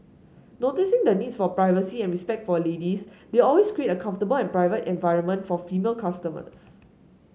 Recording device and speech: mobile phone (Samsung S8), read sentence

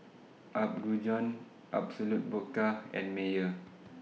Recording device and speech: mobile phone (iPhone 6), read sentence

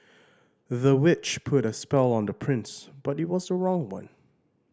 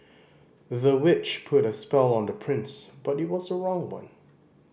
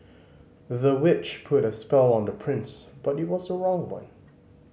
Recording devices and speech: standing microphone (AKG C214), boundary microphone (BM630), mobile phone (Samsung C5010), read sentence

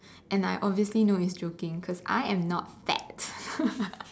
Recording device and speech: standing microphone, conversation in separate rooms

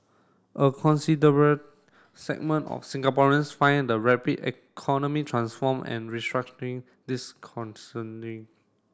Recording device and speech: standing microphone (AKG C214), read sentence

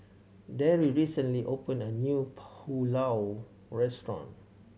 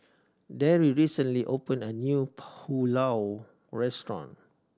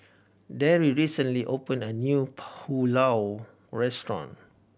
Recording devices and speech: mobile phone (Samsung C7100), standing microphone (AKG C214), boundary microphone (BM630), read sentence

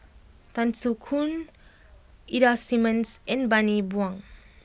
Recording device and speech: boundary microphone (BM630), read sentence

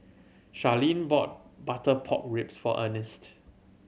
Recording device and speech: mobile phone (Samsung C7100), read sentence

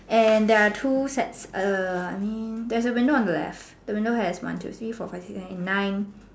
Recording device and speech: standing microphone, conversation in separate rooms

